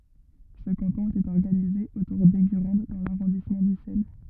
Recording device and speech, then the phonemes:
rigid in-ear microphone, read sentence
sə kɑ̃tɔ̃ etɛt ɔʁɡanize otuʁ dɛɡyʁɑ̃d dɑ̃ laʁɔ̃dismɑ̃ dysɛl

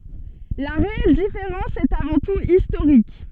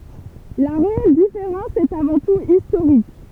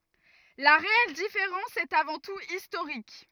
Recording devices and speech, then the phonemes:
soft in-ear microphone, temple vibration pickup, rigid in-ear microphone, read sentence
la ʁeɛl difeʁɑ̃s ɛt avɑ̃ tut istoʁik

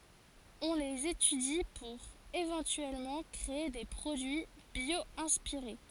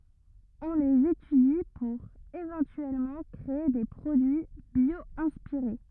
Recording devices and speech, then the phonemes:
forehead accelerometer, rigid in-ear microphone, read sentence
ɔ̃ lez etydi puʁ evɑ̃tyɛlmɑ̃ kʁee de pʁodyi bjwɛ̃spiʁe

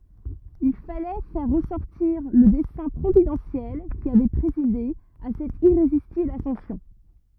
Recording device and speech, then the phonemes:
rigid in-ear microphone, read sentence
il falɛ fɛʁ ʁəsɔʁtiʁ lə dɛsɛ̃ pʁovidɑ̃sjɛl ki avɛ pʁezide a sɛt iʁezistibl asɑ̃sjɔ̃

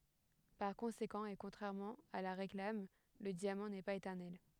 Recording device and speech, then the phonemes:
headset microphone, read sentence
paʁ kɔ̃sekɑ̃ e kɔ̃tʁɛʁmɑ̃ a la ʁeklam lə djamɑ̃ nɛ paz etɛʁnɛl

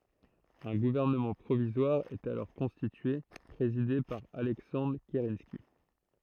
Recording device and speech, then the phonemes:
throat microphone, read sentence
œ̃ ɡuvɛʁnəmɑ̃ pʁovizwaʁ ɛt alɔʁ kɔ̃stitye pʁezide paʁ alɛksɑ̃dʁ kəʁɑ̃ski

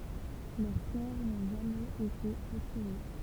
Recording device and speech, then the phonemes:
temple vibration pickup, read sentence
lœʁ kɔʁ nɔ̃ ʒamɛz ete ʁətʁuve

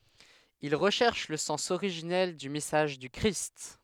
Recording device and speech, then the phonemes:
headset microphone, read sentence
il ʁəʃɛʁʃ lə sɑ̃s oʁiʒinɛl dy mɛsaʒ dy kʁist

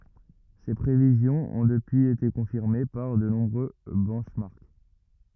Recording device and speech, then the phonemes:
rigid in-ear microphone, read sentence
se pʁevizjɔ̃z ɔ̃ dəpyiz ete kɔ̃fiʁme paʁ də nɔ̃bʁø bɛnʃmɑʁk

